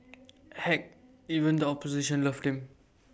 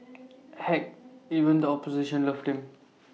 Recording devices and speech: boundary microphone (BM630), mobile phone (iPhone 6), read sentence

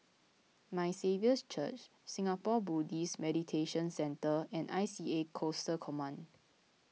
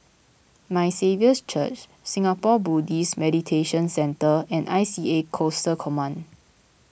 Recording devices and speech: mobile phone (iPhone 6), boundary microphone (BM630), read sentence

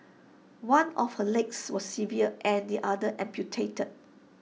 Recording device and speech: mobile phone (iPhone 6), read sentence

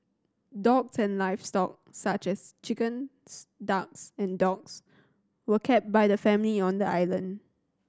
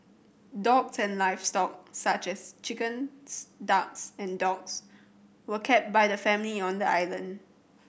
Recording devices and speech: standing microphone (AKG C214), boundary microphone (BM630), read sentence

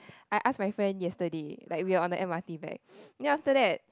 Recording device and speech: close-talking microphone, conversation in the same room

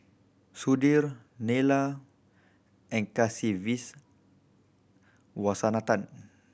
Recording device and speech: boundary microphone (BM630), read sentence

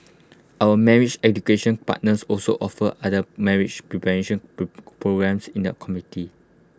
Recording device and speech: close-talking microphone (WH20), read sentence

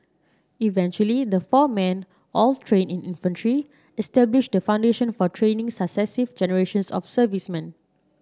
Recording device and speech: standing microphone (AKG C214), read sentence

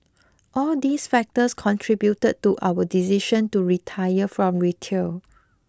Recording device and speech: close-talking microphone (WH20), read sentence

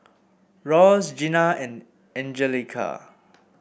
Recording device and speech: boundary microphone (BM630), read sentence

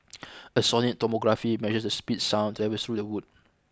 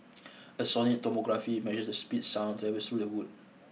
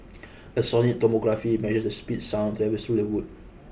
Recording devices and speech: close-talking microphone (WH20), mobile phone (iPhone 6), boundary microphone (BM630), read sentence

